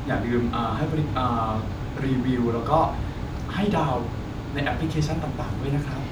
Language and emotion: Thai, neutral